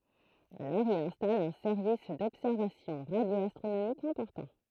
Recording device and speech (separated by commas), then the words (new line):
throat microphone, read sentence
Alors il installe un service d´observations radio-astronomiques important.